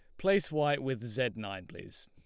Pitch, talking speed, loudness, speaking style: 130 Hz, 195 wpm, -32 LUFS, Lombard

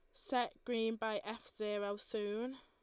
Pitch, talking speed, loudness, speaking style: 225 Hz, 150 wpm, -40 LUFS, Lombard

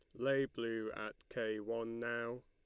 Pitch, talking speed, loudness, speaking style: 115 Hz, 160 wpm, -40 LUFS, Lombard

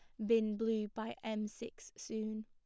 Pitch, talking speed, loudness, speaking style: 220 Hz, 170 wpm, -38 LUFS, Lombard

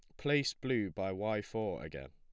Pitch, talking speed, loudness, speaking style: 105 Hz, 190 wpm, -36 LUFS, plain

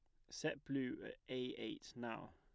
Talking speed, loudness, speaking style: 175 wpm, -46 LUFS, plain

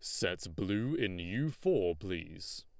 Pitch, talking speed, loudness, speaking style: 100 Hz, 150 wpm, -35 LUFS, Lombard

